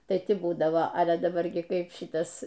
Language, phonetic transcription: Lithuanian, ˈtai ˈti ˈbūdavo ale a daˈbar gi ˈkaip ˈšitas

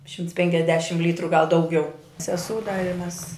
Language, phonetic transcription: Lithuanian, ˈšimts penkiasˈdešimt ˈlytru gal dauˈgiau seˈsū da i mes

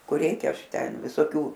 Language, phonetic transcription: Lithuanian, kur ˈreikia ˈaš ˈten visoˈkių

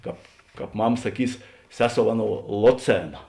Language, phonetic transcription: Lithuanian, ˈkāp ˈkāp ˈmam saˈkys ˈseˌsou ˈaˌnou ˈloˌcėna

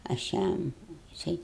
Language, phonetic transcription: Lithuanian, aš ˈjam jiˈsai

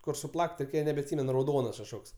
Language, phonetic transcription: Lithuanian, kur suˈplak't' nebeatˈsymen rauˈdonas kažˈkoks

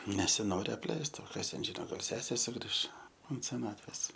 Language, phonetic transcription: Lithuanian, nesiˈnori apˈleist o ˈkas ten ˈžino ˈgal ˈsesė suˈgriš unt seˈnatvės

